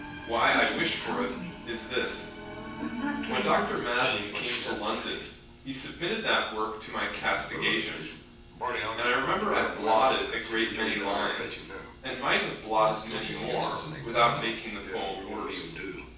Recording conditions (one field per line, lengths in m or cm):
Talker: one person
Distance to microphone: 9.8 m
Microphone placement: far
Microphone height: 1.8 m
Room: large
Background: television